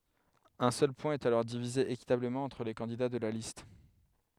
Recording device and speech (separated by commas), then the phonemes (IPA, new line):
headset microphone, read sentence
œ̃ sœl pwɛ̃ ɛt alɔʁ divize ekitabləmɑ̃ ɑ̃tʁ le kɑ̃dida də la list